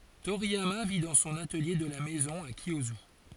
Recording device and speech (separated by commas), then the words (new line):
forehead accelerometer, read sentence
Toriyama vit dans son atelier de la maison à Kiyosu.